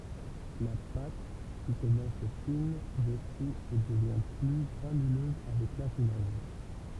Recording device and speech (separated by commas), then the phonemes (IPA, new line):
temple vibration pickup, read sentence
la pat ki kɔmɑ̃s fin dyʁsi e dəvjɛ̃ ply ɡʁanyløz avɛk lafinaʒ